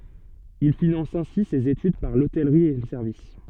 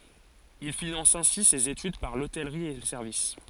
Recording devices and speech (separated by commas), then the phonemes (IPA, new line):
soft in-ear microphone, forehead accelerometer, read sentence
il finɑ̃s ɛ̃si sez etyd paʁ lotɛlʁi e lə sɛʁvis